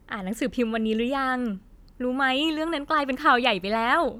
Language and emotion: Thai, happy